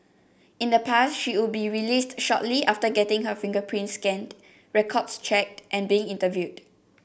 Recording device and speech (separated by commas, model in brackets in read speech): boundary microphone (BM630), read sentence